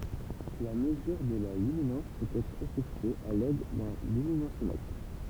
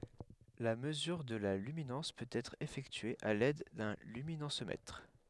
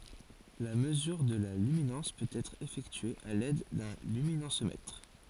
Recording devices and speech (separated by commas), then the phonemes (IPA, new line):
temple vibration pickup, headset microphone, forehead accelerometer, read sentence
la məzyʁ də la lyminɑ̃s pøt ɛtʁ efɛktye a lɛd dœ̃ lyminɑ̃smɛtʁ